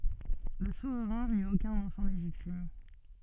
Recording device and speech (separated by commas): soft in-ear microphone, read sentence